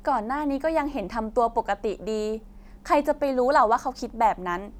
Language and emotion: Thai, neutral